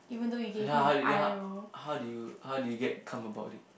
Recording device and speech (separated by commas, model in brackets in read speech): boundary microphone, conversation in the same room